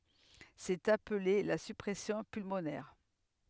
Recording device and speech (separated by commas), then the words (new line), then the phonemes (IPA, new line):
headset microphone, read sentence
C'est appelé la surpression pulmonaire.
sɛt aple la syʁpʁɛsjɔ̃ pylmonɛʁ